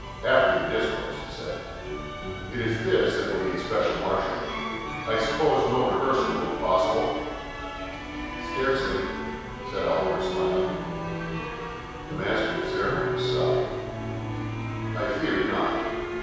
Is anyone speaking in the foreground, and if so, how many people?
One person.